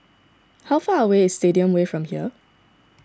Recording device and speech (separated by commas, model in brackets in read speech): standing microphone (AKG C214), read sentence